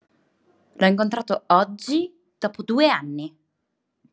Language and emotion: Italian, angry